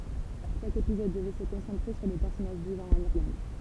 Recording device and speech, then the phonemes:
temple vibration pickup, read sentence
ʃak epizɔd dəvɛ sə kɔ̃sɑ̃tʁe syʁ de pɛʁsɔnaʒ vivɑ̃ ɑ̃n iʁlɑ̃d

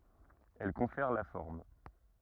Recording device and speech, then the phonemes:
rigid in-ear microphone, read sentence
ɛl kɔ̃fɛʁ la fɔʁm

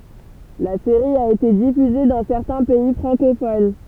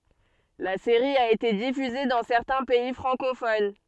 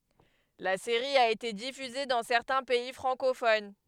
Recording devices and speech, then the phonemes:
temple vibration pickup, soft in-ear microphone, headset microphone, read sentence
la seʁi a ete difyze dɑ̃ sɛʁtɛ̃ pɛi fʁɑ̃kofon

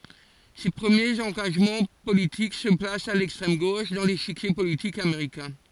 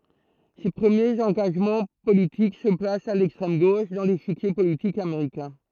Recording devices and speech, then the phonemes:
forehead accelerometer, throat microphone, read sentence
se pʁəmjez ɑ̃ɡaʒmɑ̃ politik sə plast a lɛkstʁɛm ɡoʃ dɑ̃ leʃikje politik ameʁikɛ̃

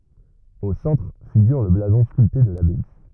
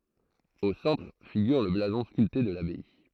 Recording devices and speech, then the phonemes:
rigid in-ear microphone, throat microphone, read sentence
o sɑ̃tʁ fiɡyʁ lə blazɔ̃ skylte də labaj

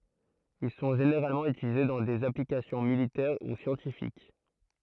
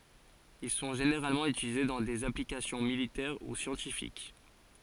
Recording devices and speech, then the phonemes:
throat microphone, forehead accelerometer, read sentence
il sɔ̃ ʒeneʁalmɑ̃ ytilize dɑ̃ dez aplikasjɔ̃ militɛʁ u sjɑ̃tifik

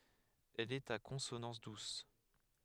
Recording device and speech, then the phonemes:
headset microphone, read sentence
ɛl ɛt a kɔ̃sonɑ̃s dus

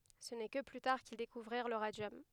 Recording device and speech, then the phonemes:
headset microphone, read sentence
sə nɛ kə ply taʁ kil dekuvʁiʁ lə ʁadjɔm

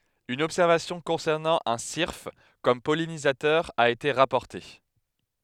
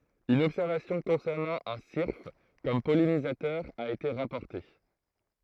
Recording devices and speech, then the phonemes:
headset microphone, throat microphone, read sentence
yn ɔbsɛʁvasjɔ̃ kɔ̃sɛʁnɑ̃ œ̃ siʁf kɔm pɔlinizatœʁ a ete ʁapɔʁte

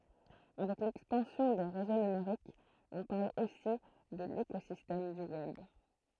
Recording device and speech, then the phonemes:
throat microphone, read sentence
avɛk lɛkspɑ̃sjɔ̃ de ʁezo nymeʁikz ɔ̃ paʁl osi də lekozistɛm dy wɛb

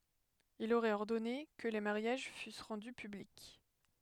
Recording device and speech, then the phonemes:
headset microphone, read sentence
il oʁɛt ɔʁdɔne kə le maʁjaʒ fys ʁɑ̃dy pyblik

